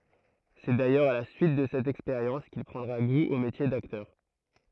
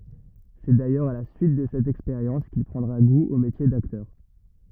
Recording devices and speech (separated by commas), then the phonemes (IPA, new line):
throat microphone, rigid in-ear microphone, read sentence
sɛ dajœʁz a la syit də sɛt ɛkspeʁjɑ̃s kil pʁɑ̃dʁa ɡu o metje daktœʁ